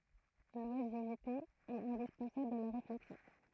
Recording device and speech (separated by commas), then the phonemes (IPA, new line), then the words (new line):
throat microphone, read sentence
lwazivte ɛt ɛ̃dispɑ̃sabl a la ʁeflɛksjɔ̃
L’oisiveté est indispensable à la réflexion.